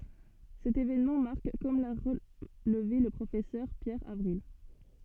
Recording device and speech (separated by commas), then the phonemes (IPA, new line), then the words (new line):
soft in-ear microphone, read sentence
sɛt evenmɑ̃ maʁk kɔm la ʁəlve lə pʁofɛsœʁ pjɛʁ avʁil
Cet événement marque comme l'a relevé le Professeur Pierre Avril.